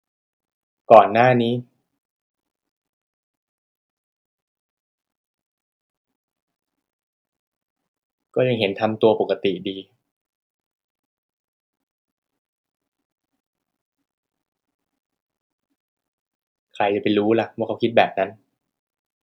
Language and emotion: Thai, frustrated